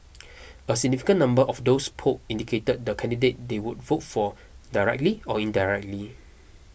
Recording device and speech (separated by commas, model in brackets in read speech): boundary microphone (BM630), read sentence